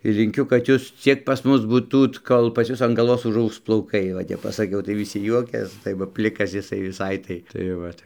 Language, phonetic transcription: Lithuanian, linˈkiu kad ˈjūs ˈciek pas ˈmus būˈtūt ˈkol pas ˈjus an galˈvos užˈaugs plauˈkai va ˈtep pasaˈkiau tai viˈsi ˈjuokias tai ˈva ˈplikas jiˈsai viˈsai tai tai ˈvat

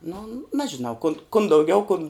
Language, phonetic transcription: Lithuanian, nu ˈnežinau kun kun dauˈgiau kun

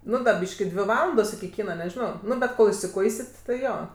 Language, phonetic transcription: Lithuanian, ˈnu ˈbyški ˈdvi ˈvalandos iki ˈkyna neˈžino ˈnu bet ˈkol isiˈkuisit ti ˈjo

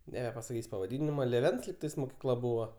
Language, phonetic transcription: Lithuanian, nebepasaˈkys' pavaˈdinima lėˈvens lygˈtais mokyˈkla ˈbuvo

